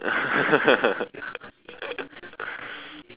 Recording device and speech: telephone, conversation in separate rooms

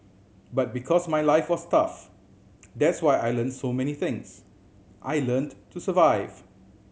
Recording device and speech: mobile phone (Samsung C7100), read sentence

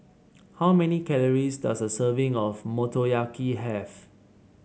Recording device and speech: mobile phone (Samsung C7), read sentence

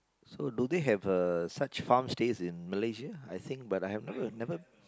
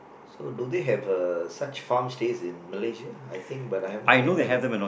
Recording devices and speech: close-talking microphone, boundary microphone, conversation in the same room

